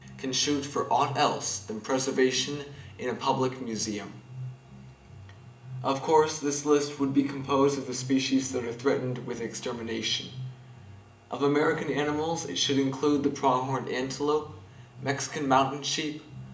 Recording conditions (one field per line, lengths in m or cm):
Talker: one person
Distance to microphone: 1.8 m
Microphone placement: close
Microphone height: 1.0 m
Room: large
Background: music